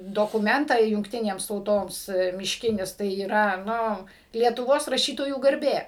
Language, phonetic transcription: Lithuanian, dokuˈmentą jungˈtinėms tauˈtoms mišˈkinis tai yˈra ˈnu lietuˈvos raˈšytojų garˈbė

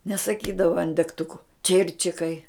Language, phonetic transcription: Lithuanian, nesaˈkydava an degˈtuku ˈčirčikai

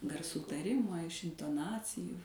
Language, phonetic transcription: Lithuanian, garˈsų taˈrimo iš intoˈnacijų

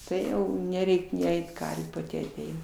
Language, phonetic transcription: Lithuanian, ˈtai neˈreik' ni ˈeit ˈkarvių paˈti aˈteina

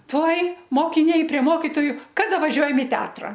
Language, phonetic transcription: Lithuanian, ˈtuoj mokiˈniai prie ˈmokitoju ˈkada vaˈžiuojam i ˈteatra

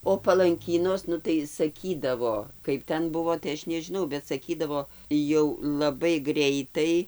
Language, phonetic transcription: Lithuanian, o palanˈkynos ˈnu tai saˈkydavo ˈkaip ten ˈbuvo tai ˈaš nežiˈnau bet saˈkydavo jau laˈbai ˈgreitai

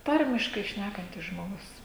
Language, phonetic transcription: Lithuanian, ˈtarmiškai ˈšnækantis žmoˈgus

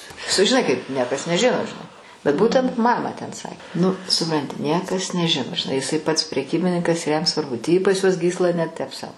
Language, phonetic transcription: Lithuanian, sužiˈnai kaip ˈniekas neˈžino žiˈnai bet ˈbūtent ˈmamą ten ˈsa nu suˈpranti ˈniekas neˈžino žiˈnai jiˈsai pats preˈkybininkas ir jam svarˈbu tį pas juos ˈgysla ne tep sau

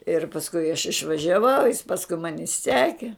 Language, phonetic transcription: Lithuanian, ir pasˈkui aš išvažiaˈvau jis ˈpaskui ˈmani ˈseki

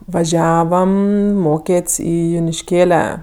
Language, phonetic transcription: Lithuanian, vaˈžiavam ˈmokėt's' ˈį junišˈkėle

